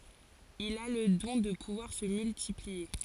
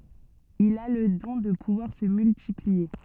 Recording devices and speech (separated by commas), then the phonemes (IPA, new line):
forehead accelerometer, soft in-ear microphone, read sentence
il a lə dɔ̃ də puvwaʁ sə myltiplie